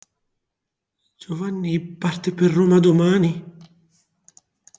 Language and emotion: Italian, sad